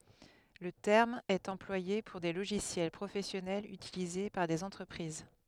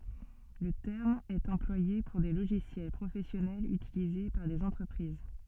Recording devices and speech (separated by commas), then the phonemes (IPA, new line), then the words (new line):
headset microphone, soft in-ear microphone, read sentence
lə tɛʁm ɛt ɑ̃plwaje puʁ de loʒisjɛl pʁofɛsjɔnɛlz ytilize paʁ dez ɑ̃tʁəpʁiz
Le terme est employé pour des logiciels professionnels utilisés par des entreprises.